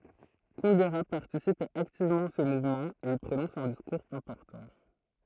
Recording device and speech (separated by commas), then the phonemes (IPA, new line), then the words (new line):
throat microphone, read sentence
kundɛʁə paʁtisip aktivmɑ̃ a sə muvmɑ̃ e i pʁonɔ̃s œ̃ diskuʁz ɛ̃pɔʁtɑ̃
Kundera participe activement à ce mouvement et y prononce un discours important.